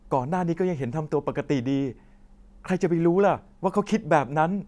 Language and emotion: Thai, frustrated